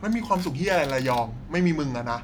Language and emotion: Thai, frustrated